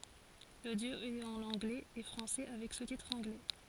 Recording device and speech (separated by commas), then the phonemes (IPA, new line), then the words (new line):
forehead accelerometer, read sentence
lodjo ɛt ɑ̃n ɑ̃ɡlɛz e fʁɑ̃sɛ avɛk sustitʁz ɑ̃ɡlɛ
L'audio est en anglais et français avec sous-titres anglais.